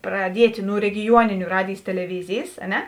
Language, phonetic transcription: Lithuanian, praˈdiet' nu regiˈjuoniniu ˈradėjs teleˈvizėjs a ˈne

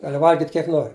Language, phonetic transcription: Lithuanian, ˈgali ˈvalgit' kiek ˈnori

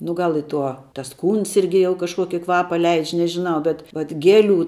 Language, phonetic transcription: Lithuanian, nu ˈgal i ˈtuo tas ˈkūns ˈirgi jau kažˈkuoki ˈkvapa ˈleidž' nežiˈnau bet vat ˈgeˌlių

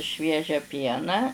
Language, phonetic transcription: Lithuanian, ˈšviežią ˈpieną

